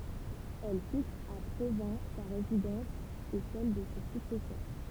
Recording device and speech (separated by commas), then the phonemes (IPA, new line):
temple vibration pickup, read sentence
ɛl fiks a pʁovɛ̃ sa ʁezidɑ̃s e sɛl də se syksɛsœʁ